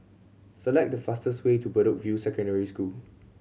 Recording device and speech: mobile phone (Samsung C7100), read sentence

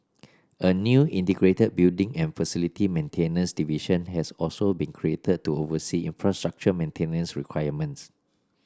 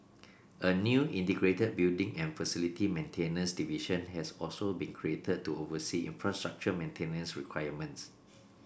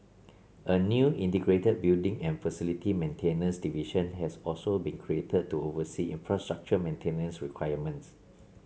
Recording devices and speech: standing microphone (AKG C214), boundary microphone (BM630), mobile phone (Samsung C7), read sentence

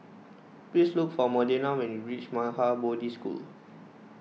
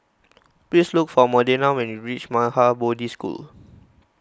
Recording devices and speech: mobile phone (iPhone 6), close-talking microphone (WH20), read sentence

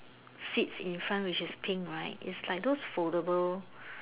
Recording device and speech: telephone, conversation in separate rooms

